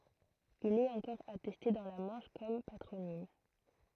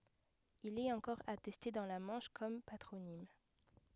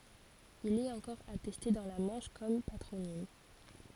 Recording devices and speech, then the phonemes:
throat microphone, headset microphone, forehead accelerometer, read sentence
il ɛt ɑ̃kɔʁ atɛste dɑ̃ la mɑ̃ʃ kɔm patʁonim

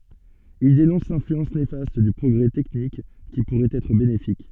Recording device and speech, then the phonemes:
soft in-ear microphone, read sentence
il denɔ̃s lɛ̃flyɑ̃s nefast dy pʁɔɡʁɛ tɛknik ki puʁɛt ɛtʁ benefik

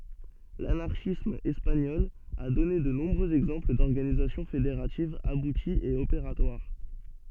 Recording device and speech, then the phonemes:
soft in-ear microphone, read sentence
lanaʁʃism ɛspaɲɔl a dɔne də nɔ̃bʁøz ɛɡzɑ̃pl dɔʁɡanizasjɔ̃ fedeʁativz abutiz e opeʁatwaʁ

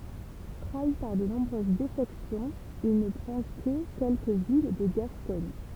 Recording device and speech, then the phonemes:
temple vibration pickup, read sentence
tʁai paʁ də nɔ̃bʁøz defɛksjɔ̃z il nə pʁɑ̃ kə kɛlkə vil də ɡaskɔɲ

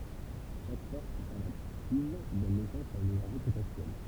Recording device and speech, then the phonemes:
temple vibration pickup, read sentence
ʃak fɔʁs kɔ̃sɛʁvativ dɔn nɛsɑ̃s a yn enɛʁʒi potɑ̃sjɛl

